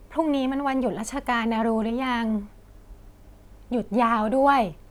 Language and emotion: Thai, neutral